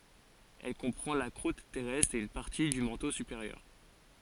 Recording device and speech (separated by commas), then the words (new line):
forehead accelerometer, read sentence
Elle comprend la croûte terrestre et une partie du manteau supérieur.